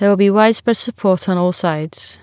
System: none